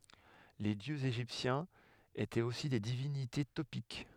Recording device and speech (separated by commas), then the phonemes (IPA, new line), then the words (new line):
headset microphone, read sentence
le djøz eʒiptjɛ̃z etɛt osi de divinite topik
Les dieux égyptiens étaient aussi des divinités topiques.